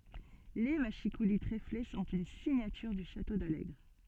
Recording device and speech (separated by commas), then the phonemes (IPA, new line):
soft in-ear microphone, read sentence
le maʃikuli tʁefle sɔ̃t yn siɲatyʁ dy ʃato dalɛɡʁ